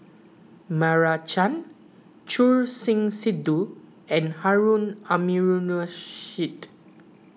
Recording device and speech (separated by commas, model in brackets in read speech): mobile phone (iPhone 6), read sentence